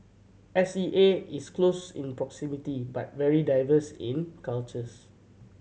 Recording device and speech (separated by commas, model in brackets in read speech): mobile phone (Samsung C7100), read sentence